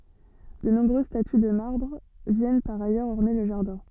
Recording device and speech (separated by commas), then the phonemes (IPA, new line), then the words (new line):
soft in-ear microphone, read sentence
də nɔ̃bʁøz staty də maʁbʁ vjɛn paʁ ajœʁz ɔʁne lə ʒaʁdɛ̃
De nombreuses statues de marbre viennent par ailleurs orner le jardin.